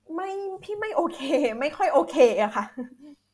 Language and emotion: Thai, frustrated